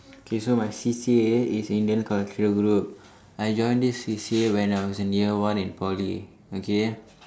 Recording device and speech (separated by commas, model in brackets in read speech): standing microphone, conversation in separate rooms